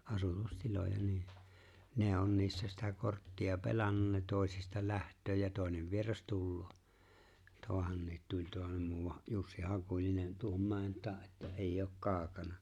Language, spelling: Finnish, asutustiloja niin ne on niissä sitä korttia pelannut ne toisista lähtee ja toinen vieras tulee tuohonkin tulee tuohon muuan Jussi Hakulinen tuohon mäen taakse että ei ole kaukana
- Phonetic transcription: 'asutus'tiloja nii , ne 'on 'niissä sitä 'kortti₍a "pelannun ne 'tòesista "lähtöö ja 'tòenev 'vieras "tulloo , 'toahanniit 'tuĺ ('toahem) muuwaj 'Jussi "Hakuĺinen tuohom 'mäe̬n 'taa ’että '’eijj ‿ook "kaaᵒkana .

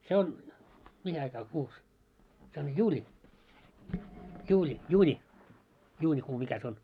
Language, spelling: Finnish, se on mihin aikaan kuussa se on juuli juuli juuni juunikuu mikä se on
- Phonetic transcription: 'se on , 'mihi aikaa 'kuus , se on 'juuĺi , 'juuĺi , 'juuńi , juuńikuu 'mikä sᵉ ‿on ?

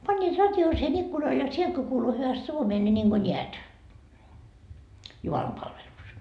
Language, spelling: Finnish, panivat radion siihen ikkunalle ja sieltä kun kuului hyvästi suomea niin niin kuin näet jumalanpalvelus
- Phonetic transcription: pańńiit 'rat́jon siihen 'ikkunal ja 'sielt ko kuulu hyväst 'suomee ńi niŋGo "ńiät , 'jumalampalveluus .

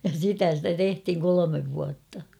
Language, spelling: Finnish, ja sitä sitä tehtiin kolme vuotta
- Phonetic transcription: ja 'sitä stä "tehthiŋ 'kolomev vuatta .

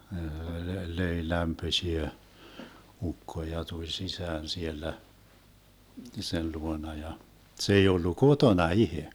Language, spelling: Finnish, löi lämpöisiä ukko ja tuli sisään siellä sen luona ja se ei ollut kotona itse
- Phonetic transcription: 'löi 'lämpöśiä , 'ukko ja 'tuĺ "sisään 'siellä , 'sen 'luona ja , 'se ei 'ollu "kotona "ihe .

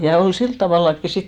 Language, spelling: Finnish, ja oli sillä tavallakin sitten
- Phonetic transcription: ja 'ol 'silt tavàllakki 'sit ,.

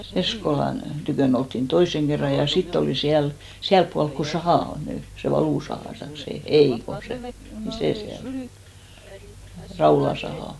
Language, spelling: Finnish, Eskolan tykönä oltiin toisen kerran ja sitten oli siellä siellä puolen kun saha on nyt se valusaha taikka se ei kun se niin se siellä Raulan saha
- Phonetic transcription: 'Eskolan , 'tykö̀n ‿olttin "toiseŋ kerra ja 'sitt ‿olì 'siäl , 'siälp pualk ko "sahà on 'ny , se 'valùsahà taik se , "ei ko 'se , ni 'sè 'siäl , 'Raula sahà .

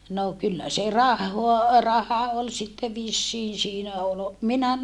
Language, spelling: Finnish, no kyllä se rahaa raha oli sitten vissiin siinä oli minä
- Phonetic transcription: no kyllä se rahhoa , raha ol sitte vissiin siinä ol , minä ,.

